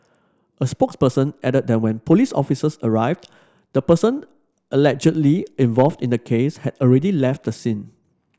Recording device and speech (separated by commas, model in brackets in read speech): standing microphone (AKG C214), read sentence